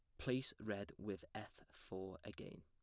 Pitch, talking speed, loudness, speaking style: 100 Hz, 150 wpm, -48 LUFS, plain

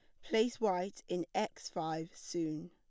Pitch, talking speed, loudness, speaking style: 175 Hz, 145 wpm, -37 LUFS, plain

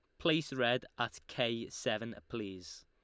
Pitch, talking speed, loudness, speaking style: 115 Hz, 135 wpm, -36 LUFS, Lombard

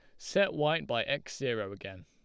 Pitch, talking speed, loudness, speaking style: 150 Hz, 195 wpm, -32 LUFS, Lombard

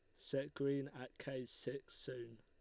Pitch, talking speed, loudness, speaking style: 130 Hz, 165 wpm, -45 LUFS, Lombard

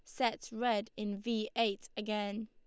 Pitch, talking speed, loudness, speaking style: 220 Hz, 160 wpm, -36 LUFS, Lombard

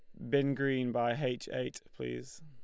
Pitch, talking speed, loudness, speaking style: 125 Hz, 170 wpm, -34 LUFS, Lombard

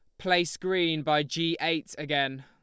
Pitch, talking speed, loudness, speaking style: 160 Hz, 160 wpm, -27 LUFS, Lombard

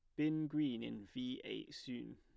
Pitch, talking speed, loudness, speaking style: 130 Hz, 185 wpm, -42 LUFS, plain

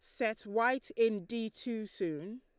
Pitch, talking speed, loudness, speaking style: 225 Hz, 165 wpm, -35 LUFS, Lombard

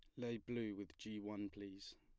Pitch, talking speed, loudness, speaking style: 105 Hz, 200 wpm, -48 LUFS, plain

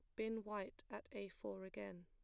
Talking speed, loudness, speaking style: 195 wpm, -49 LUFS, plain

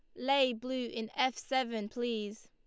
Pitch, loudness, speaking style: 240 Hz, -34 LUFS, Lombard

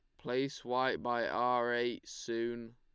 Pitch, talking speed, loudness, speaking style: 120 Hz, 140 wpm, -35 LUFS, Lombard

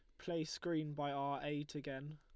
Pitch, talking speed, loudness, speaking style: 150 Hz, 185 wpm, -42 LUFS, Lombard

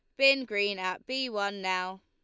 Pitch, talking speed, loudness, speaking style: 205 Hz, 195 wpm, -29 LUFS, Lombard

